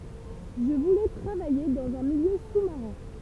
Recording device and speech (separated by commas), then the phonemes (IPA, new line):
temple vibration pickup, read sentence
ʒə vulɛ tʁavaje dɑ̃z œ̃ miljø su maʁɛ̃